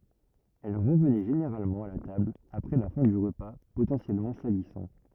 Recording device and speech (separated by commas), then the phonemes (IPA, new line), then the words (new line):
rigid in-ear microphone, read sentence
ɛl ʁəvnɛ ʒeneʁalmɑ̃ a la tabl apʁɛ la fɛ̃ dy ʁəpa potɑ̃sjɛlmɑ̃ salisɑ̃
Elle revenait généralement à la table après la fin du repas potentiellement salissant.